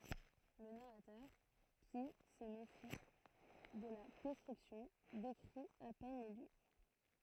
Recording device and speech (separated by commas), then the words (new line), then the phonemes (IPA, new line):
throat microphone, read sentence
Le narrateur, qui se méfie de la description, décrit à peine les lieux.
lə naʁatœʁ ki sə mefi də la dɛskʁipsjɔ̃ dekʁi a pɛn le ljø